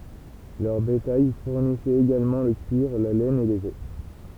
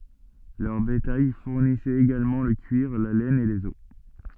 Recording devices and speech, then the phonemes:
temple vibration pickup, soft in-ear microphone, read sentence
lœʁ betaj fuʁnisɛt eɡalmɑ̃ lə kyiʁ la lɛn e lez ɔs

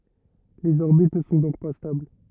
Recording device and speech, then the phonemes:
rigid in-ear microphone, read sentence
lez ɔʁbit nə sɔ̃ dɔ̃k pa stabl

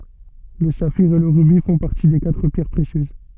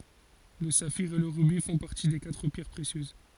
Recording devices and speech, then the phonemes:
soft in-ear microphone, forehead accelerometer, read sentence
lə safiʁ e lə ʁybi fɔ̃ paʁti de katʁ pjɛʁ pʁesjøz

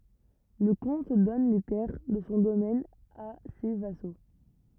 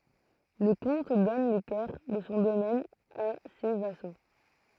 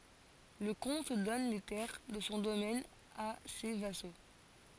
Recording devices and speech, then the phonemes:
rigid in-ear microphone, throat microphone, forehead accelerometer, read sentence
lə kɔ̃t dɔn le tɛʁ də sɔ̃ domɛn a se vaso

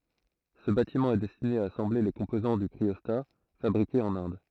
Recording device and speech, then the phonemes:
throat microphone, read sentence
sə batimɑ̃ ɛ dɛstine a asɑ̃ble le kɔ̃pozɑ̃ dy kʁiɔsta fabʁikez ɑ̃n ɛ̃d

